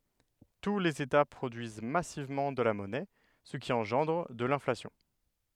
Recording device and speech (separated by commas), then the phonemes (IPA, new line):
headset microphone, read sentence
tu lez eta pʁodyiz masivmɑ̃ də la mɔnɛ sə ki ɑ̃ʒɑ̃dʁ də lɛ̃flasjɔ̃